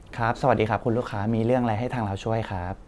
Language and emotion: Thai, neutral